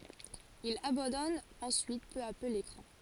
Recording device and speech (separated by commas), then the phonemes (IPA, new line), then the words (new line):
forehead accelerometer, read sentence
il abɑ̃dɔn ɑ̃syit pø a pø lekʁɑ̃
Il abandonne ensuite peu à peu l'écran.